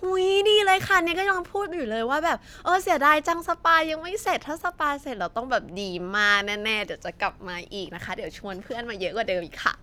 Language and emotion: Thai, happy